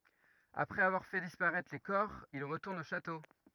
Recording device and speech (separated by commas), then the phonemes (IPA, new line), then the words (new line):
rigid in-ear microphone, read sentence
apʁɛz avwaʁ fɛ dispaʁɛtʁ le kɔʁ il ʁətuʁnt o ʃato
Après avoir fait disparaître les corps, ils retournent au château.